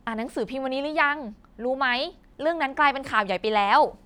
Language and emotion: Thai, happy